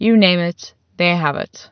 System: none